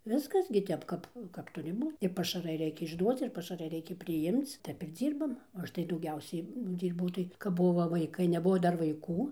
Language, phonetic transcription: Lithuanian, ˈviskas gi ˈtep ˈkap kap ˈturi ˈbū i pašaˈrai ˈreikia išˈduoc ir pašaˈrai ˈreikia priˈjimc ˈtep ir ˈdzyrbam o ˈaš tai dauˈgiausiai ˈdyrbau tai kap ˈbuvo vaiˈkai neˈbuvo ˈdar vaiˈkų

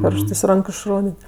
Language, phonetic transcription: Lithuanian, pioršˈtɜs ˈranku išˈrodėt'

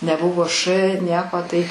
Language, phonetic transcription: Lithuanian, neˈbuvo š ˈnieko ˈtai

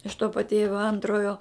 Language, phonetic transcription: Lithuanian, iš to paˈtėvio ˈantrojo

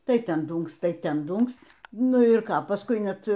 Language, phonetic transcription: Lithuanian, ˈtai ˈten ˈdūnkst ˈtai ˈten ˈdūnkst' ˈnu ir ˈką pasˈkui ˈnet

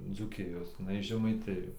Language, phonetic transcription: Lithuanian, dzūˈkijos jiˈnai iš žemaiˈtijo

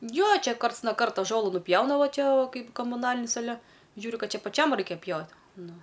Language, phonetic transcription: Lithuanian, ˈjo ˈčia ˈkarts no ˈkarto ˈžolu nuˈpjauna ˈva ˈčia ˈkaip komuˈnalinis aˈle ˈžiūriu ˈkad ˈčia paˈčiam ˈraikia ˈpjaut ˈnu

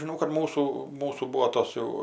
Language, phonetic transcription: Lithuanian, žiˈnau kad ˈmūsų ˈmūsų ˈbūo ˈtos jau

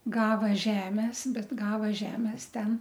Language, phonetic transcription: Lithuanian, ˈgava ˈžemes ˈbet ˈgava ˈžemes ˈten

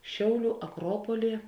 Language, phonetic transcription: Lithuanian, ˈšiauˌlių aˈkropoly

